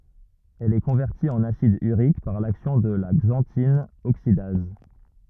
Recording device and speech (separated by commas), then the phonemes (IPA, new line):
rigid in-ear microphone, read sentence
ɛl ɛ kɔ̃vɛʁti ɑ̃n asid yʁik paʁ laksjɔ̃ də la ɡzɑ̃tin oksidaz